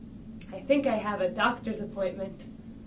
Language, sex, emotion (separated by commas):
English, female, neutral